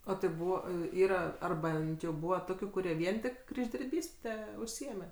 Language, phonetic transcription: Lithuanian, ˈo tai ˈbūva i ˈyra ˈar ˈbent jau ˈbūva ˈtokiu kuˈrie ˈvien tik križdirˈbyste užˈsiėme

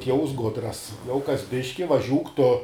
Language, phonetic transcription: Lithuanian, ˈtieus ˈgudras jau kas ˈbiški vaˈžiūk tu

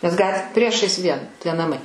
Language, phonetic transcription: Lithuanian, nes ˈgat ˈpriešais ˈvien tie naˈmai

